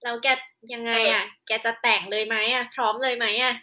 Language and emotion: Thai, frustrated